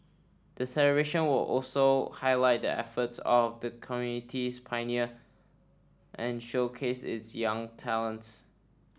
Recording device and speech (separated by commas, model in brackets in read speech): standing microphone (AKG C214), read sentence